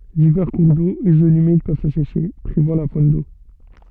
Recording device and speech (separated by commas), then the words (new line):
soft in-ear microphone, read sentence
Divers cours d'eau et zones humides peuvent s'assécher, privant la faune d'eau.